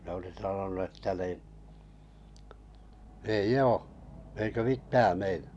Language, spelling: Finnish, ne oli sanonut että niin ei ole eikä mitään meinaa
- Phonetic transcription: ne oli sanonu että ni , » ei"j ‿oo , eiko 'mittää 'meinᴀ « .

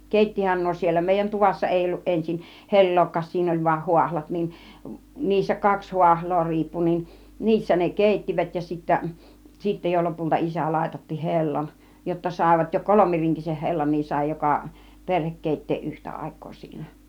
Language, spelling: Finnish, keittihän nuo siellä meidän tuvassa ei ollut ensin hellaakaan siinä oli vain haahlat niin niissä kaksi haahlaa riippui niin niissä ne keittivät ja sitten sitten jo lopulta isä laitatti hellan jotta saivat jo kolmirinkisen hellan niin sai joka perhe keittää yhtä aikaa siinä
- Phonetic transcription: kèittihän 'nuo siel̆lä , 'mèijän 'tuvassa 'èi olluˀ 'ˀensin , "he̬l̀lookkaas 'siin ‿oĺ vuan 'huahlat niin , niissä 'kaks 'huahl̆loo 'riippu nin , 'niissä ne "kèittivät ja sittä , 'sitte jo 'lopulta 'isä làitatti "he̬llan , jotta 'sàivat jo "kolomiriŋkiseh 'hellan niin sài 'joka , 'perhek 'kèit̀teeˀ "ˀyhtä 'àik̆koo siinä .

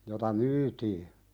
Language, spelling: Finnish, jota myytiin
- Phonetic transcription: jota "myytii .

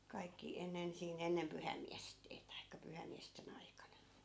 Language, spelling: Finnish, kaikki ennen siinä ennen pyhäinmiesten tai pyhäinmiesten aikana
- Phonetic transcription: 'kaikki 'ennen siin , 'ennem "pyhäi̮mmiästee taikka 'pyhäi̮mmiäste'n ‿aikana .

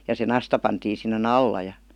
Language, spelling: Finnish, ja se nasta pantiin sinne alla ja
- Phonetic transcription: ja se "nasta pantiin̬ sinne"n ‿alla ja ,.

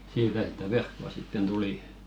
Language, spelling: Finnish, siitä sitä verkkoa sitten tuli
- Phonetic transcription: 'siitä sitä "verkko₍a sitten 'tuli .

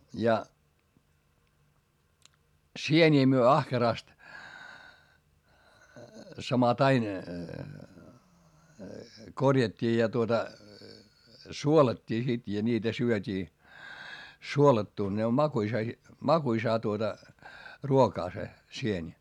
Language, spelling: Finnish, ja sieniä me ahkerasti samattain korjattiin ja tuota suolattiin sitten ja niitä syötiin suolattuna ne on makuisa - makuisaa tuota ruokaa se sieni
- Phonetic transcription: ja , sieńii myö ahkerast , samatain , korjat́t́ii ja tuota , suolat́t́ii sit ja ńiitä syöt́ii , suolattùn ne om makuisa si- , makuisaa tuota , ruokaa se , sieńi .

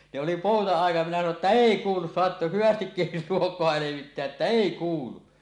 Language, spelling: Finnish, ne oli pouta-ajat minä sanoin että ei kuulu saat hyvästi luokoa levittää että ei kuulu
- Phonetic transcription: ne oli pòuta₍àij̆jat minä sano että "èi 'kuulus 'soat "hyvästikkil 'luok̀oa 'levitteä’ ’että "èi 'kuulu « .

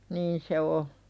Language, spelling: Finnish, niin se on
- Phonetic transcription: niin se 'o .

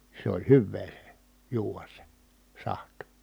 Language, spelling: Finnish, se oli hyvää se juoda se sahti
- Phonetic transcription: se oĺ hyvvee se , juuvas se , saht .

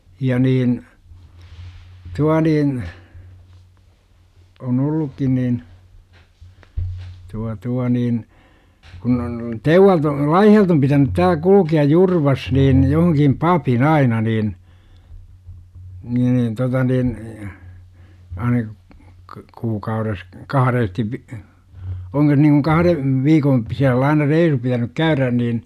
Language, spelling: Finnish, ja niin tuo niin on ollutkin niin tuo tuo niin kun on Teuvalta - Laihialta on pitänyt täällä - kulkea Jurvassa niin johonkin papin aina niin niin niin tuota niin aina - kuukaudessa kahdesti - onko se niin kuin kahden viikon sisällä aina reissu pitänyt käydä niin
- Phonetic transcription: ja 'niin , 'tua niin , on "ollukkin nin , 'tua tua niin , kun ‿on , "Teuvvalt ‿o- , "Laihi₍alt ‿om pitänyt 'tääl ku - luki₍aj "Jurvas niin , johoŋkim "papin "aina niin , ni ni 'tota nin , 'aina , k - 'kuukaures , "kaharestiv vi-, , oŋko sE niikuŋ "kaharev , 'viikoo , p§isäll ‿aina "reisu pitänyk "käyrän niin , .

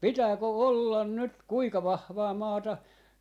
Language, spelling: Finnish, pitääkö olla nyt kuinka vahvaa maata
- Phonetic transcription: "pitääkö "ollan nyt 'kuika 'vahvaa 'maata , .

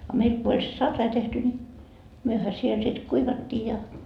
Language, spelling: Finnish, a meillä kun oli se sarai tehty niin mehän siellä sitten kuivattiin ja
- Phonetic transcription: a 'meil ko oĺ se "sarrai 'tehty ńi , 'myöhä siel sit "kuivattii ja .

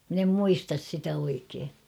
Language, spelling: Finnish, minä en muista sitä oikein
- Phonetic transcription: min ‿em "muistas sitä 'oikee .

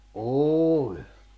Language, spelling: Finnish, oli
- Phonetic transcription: ’ooĺ .

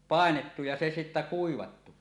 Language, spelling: Finnish, painettu ja se sitten kuivattu
- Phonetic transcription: 'pàenettu ja se sittä "kuivattu .

